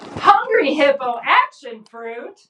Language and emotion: English, happy